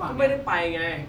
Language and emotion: Thai, frustrated